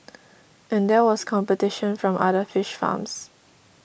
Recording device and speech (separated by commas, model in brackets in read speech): boundary microphone (BM630), read sentence